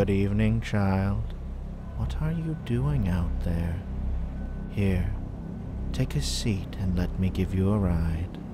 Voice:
in a calm, creepy voice